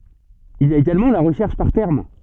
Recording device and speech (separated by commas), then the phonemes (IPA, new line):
soft in-ear microphone, read sentence
il i a eɡalmɑ̃ la ʁəʃɛʁʃ paʁ tɛʁm